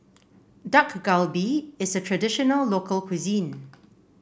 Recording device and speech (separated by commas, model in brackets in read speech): boundary microphone (BM630), read sentence